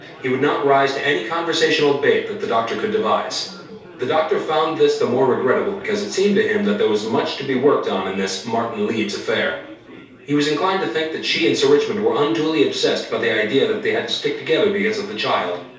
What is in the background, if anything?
Crowd babble.